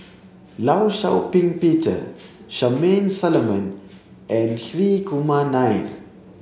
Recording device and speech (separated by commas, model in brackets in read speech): mobile phone (Samsung C7), read sentence